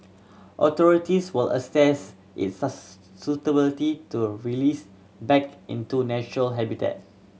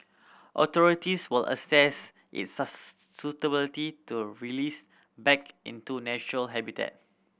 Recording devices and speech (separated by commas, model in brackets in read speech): mobile phone (Samsung C7100), boundary microphone (BM630), read sentence